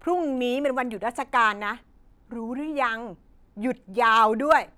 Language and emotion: Thai, angry